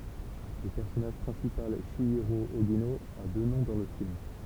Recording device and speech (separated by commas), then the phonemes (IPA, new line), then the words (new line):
temple vibration pickup, read sentence
lə pɛʁsɔnaʒ pʁɛ̃sipal ʃjiʁo oʒino a dø nɔ̃ dɑ̃ lə film
Le personnage principal, Chihiro Ogino, a deux noms dans le film.